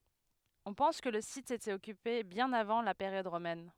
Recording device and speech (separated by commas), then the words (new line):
headset microphone, read sentence
On pense que le site était occupé bien avant la période romaine.